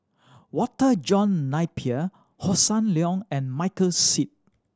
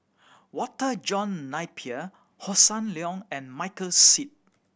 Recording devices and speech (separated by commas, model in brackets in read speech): standing microphone (AKG C214), boundary microphone (BM630), read sentence